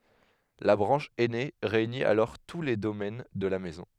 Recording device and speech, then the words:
headset microphone, read sentence
La branche aînée réunit alors tous les domaines de la Maison.

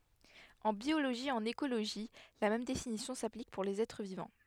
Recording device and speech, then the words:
headset microphone, read sentence
En biologie et en écologie la même définition s'applique pour les êtres vivants.

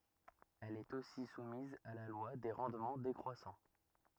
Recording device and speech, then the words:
rigid in-ear microphone, read sentence
Elle est aussi soumise à la loi des rendements décroissants.

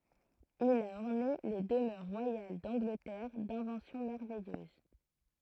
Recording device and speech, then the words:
throat microphone, read sentence
Il a orné les demeures royales d’Angleterre d’inventions merveilleuses.

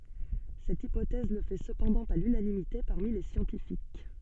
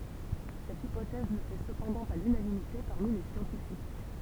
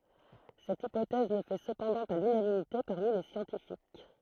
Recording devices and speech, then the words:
soft in-ear microphone, temple vibration pickup, throat microphone, read sentence
Cette hypothèse ne fait cependant pas l'unanimité parmi les scientifiques.

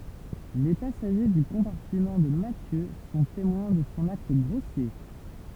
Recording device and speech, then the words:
temple vibration pickup, read sentence
Les passagers du compartiment de Mathieu sont témoins de son acte grossier.

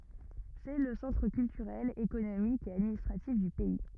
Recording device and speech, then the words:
rigid in-ear microphone, read sentence
C'est le centre culturel, économique et administratif du pays.

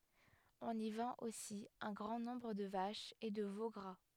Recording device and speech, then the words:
headset microphone, read sentence
On y vend aussi un grand nombre de vaches et de veaux gras.

